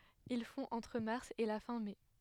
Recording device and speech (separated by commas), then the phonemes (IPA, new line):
headset microphone, read sentence
il fɔ̃ ɑ̃tʁ maʁs e la fɛ̃ mɛ